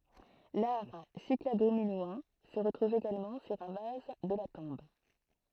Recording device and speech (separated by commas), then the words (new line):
throat microphone, read sentence
L'art cyclado-minoen se retrouve également sur un vase de la tombe.